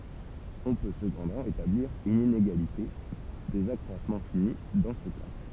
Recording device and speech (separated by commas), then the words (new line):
temple vibration pickup, read sentence
On peut cependant établir une inégalité des accroissements finis dans ce cadre.